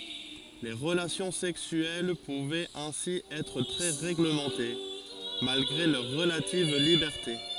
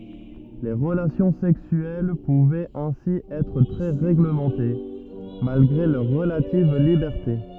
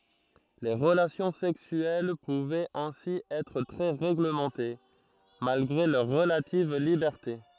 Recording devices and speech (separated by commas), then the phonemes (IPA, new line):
forehead accelerometer, rigid in-ear microphone, throat microphone, read sentence
le ʁəlasjɔ̃ sɛksyɛl puvɛt ɛ̃si ɛtʁ tʁɛ ʁeɡləmɑ̃te malɡʁe lœʁ ʁəlativ libɛʁte